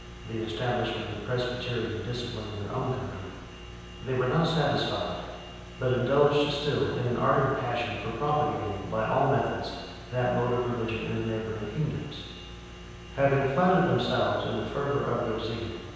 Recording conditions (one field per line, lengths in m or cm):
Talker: one person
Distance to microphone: 7.1 m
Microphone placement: far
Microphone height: 1.7 m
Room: very reverberant, large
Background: none